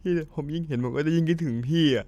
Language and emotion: Thai, sad